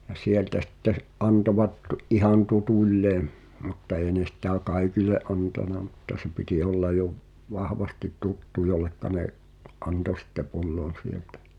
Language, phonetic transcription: Finnish, ja "sieltä sitte s- , '’antovat , ’ihan "tutuĺĺeem , mutta ee ne sitä "kaikile’ ’antana mutta se piti olla jo v- , 'vahvasti "tuttu jollekka ne’ , '’anto sitte 'pu̬llon̬ sieltᴀ̈ .
- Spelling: ja sieltä sitten - antoivat ihan tutuilleen mutta ei ne sitä kaikille antanut mutta se piti olla jo - vahvasti tuttu jolle ne antoi sitten pullon sieltä

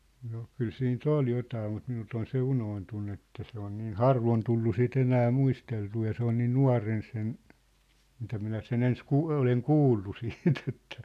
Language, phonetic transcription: Finnish, no , 'kyl 'siin"t ‿ol 'jotaa mut minult ‿on 'se 'unoontunnu että se ‿on niin "harvon tullu 'si't ‿enää 'muisteltuu ja 'se ‿on 'niin "nua̭ren sen , mitä minä se'n ‿ens 'kuu- , 'oleŋ "kuullu 'siit ‿ettᴀ̈ ,.
- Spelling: no kyllä siitä oli jotakin mutta minulta on se unohtunut että se on niin harvoin tullut sitä enää muisteltua ja se on niin nuorena sen mitä minä sen ensin - olen kuullut sitten että

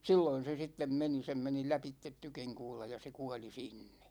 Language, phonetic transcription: Finnish, 'silloin̬ se 'sittem meni 'sem meni 'läpittet 'tykiŋkuula ja se 'kuali "sinnE .
- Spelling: silloin se sitten meni sen meni lävitse tykinkuula ja se kuoli sinne

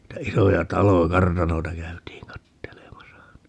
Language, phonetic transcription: Finnish, 'niitä 'isoja "talo(ja) - "kartanoita 'käytiiŋ 'kattelemasa .
- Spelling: niitä isoja taloja kartanoita käytiin katselemassa

